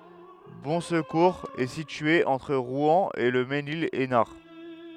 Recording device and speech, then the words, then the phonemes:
headset microphone, read sentence
Bonsecours est située entre Rouen et Le Mesnil-Esnard.
bɔ̃skuʁz ɛ sitye ɑ̃tʁ ʁwɛ̃ e lə menil ɛsnaʁ

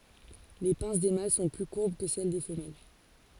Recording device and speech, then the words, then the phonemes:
forehead accelerometer, read sentence
Les pinces des mâles sont plus courbes que celles des femelles.
le pɛ̃s de mal sɔ̃ ply kuʁb kə sɛl de fəmɛl

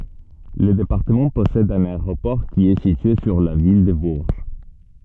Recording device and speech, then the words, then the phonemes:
soft in-ear microphone, read sentence
Le département possède un aéroport qui est situé sur la ville de Bourges.
lə depaʁtəmɑ̃ pɔsɛd œ̃n aeʁopɔʁ ki ɛ sitye syʁ la vil də buʁʒ

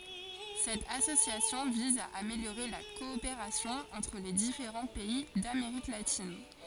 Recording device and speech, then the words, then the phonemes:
forehead accelerometer, read sentence
Cette association vise à améliorer la coopération entre les différents pays d'Amérique latine.
sɛt asosjasjɔ̃ viz a ameljoʁe la kɔopeʁasjɔ̃ ɑ̃tʁ le difeʁɑ̃ pɛi dameʁik latin

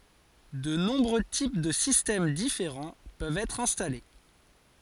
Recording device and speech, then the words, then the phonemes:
forehead accelerometer, read sentence
De nombreux types de systèmes différents peuvent être installés.
də nɔ̃bʁø tip də sistɛm difeʁɑ̃ pøvt ɛtʁ ɛ̃stale

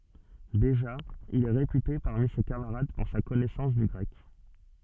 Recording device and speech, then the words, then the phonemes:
soft in-ear microphone, read sentence
Déjà, il est réputé parmi ses camarades pour sa connaissance du grec.
deʒa il ɛ ʁepyte paʁmi se kamaʁad puʁ sa kɔnɛsɑ̃s dy ɡʁɛk

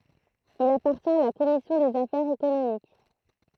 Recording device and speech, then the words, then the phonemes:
throat microphone, read sentence
Il appartient à la commission des affaires économiques.
il apaʁtjɛ̃t a la kɔmisjɔ̃ dez afɛʁz ekonomik

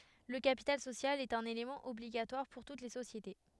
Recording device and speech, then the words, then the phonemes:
headset microphone, read sentence
Le capital social est un élément obligatoire pour toutes les sociétés.
lə kapital sosjal ɛt œ̃n elemɑ̃ ɔbliɡatwaʁ puʁ tut le sosjete

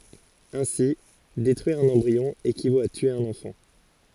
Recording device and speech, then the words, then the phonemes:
forehead accelerometer, read sentence
Ainsi, détruire un embryon équivaut à tuer un enfant.
ɛ̃si detʁyiʁ œ̃n ɑ̃bʁiɔ̃ ekivot a tye œ̃n ɑ̃fɑ̃

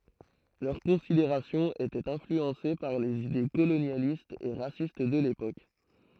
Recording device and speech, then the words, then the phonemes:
throat microphone, read sentence
Leurs considérations étaient influencées par les idées colonialistes et racistes de l'époque.
lœʁ kɔ̃sideʁasjɔ̃z etɛt ɛ̃flyɑ̃se paʁ lez ide kolonjalistz e ʁasist də lepok

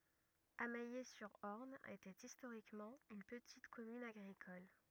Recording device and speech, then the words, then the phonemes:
rigid in-ear microphone, read sentence
Amayé-sur-Orne était historiquement une petite commune agricole.
amɛje syʁ ɔʁn etɛt istoʁikmɑ̃ yn pətit kɔmyn aɡʁikɔl

